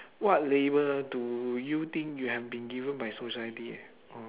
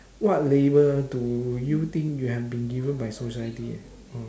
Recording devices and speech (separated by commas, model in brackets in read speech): telephone, standing microphone, conversation in separate rooms